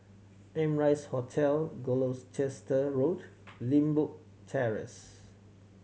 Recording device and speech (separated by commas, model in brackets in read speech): mobile phone (Samsung C7100), read sentence